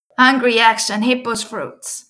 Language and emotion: English, happy